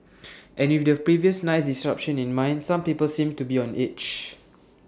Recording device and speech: standing microphone (AKG C214), read sentence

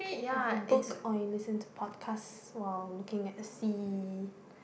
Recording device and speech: boundary microphone, conversation in the same room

